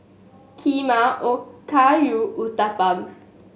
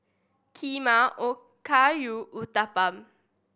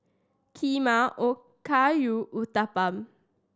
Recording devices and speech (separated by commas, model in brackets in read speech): mobile phone (Samsung S8), boundary microphone (BM630), standing microphone (AKG C214), read sentence